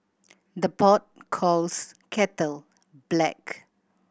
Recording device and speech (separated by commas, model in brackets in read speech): boundary microphone (BM630), read sentence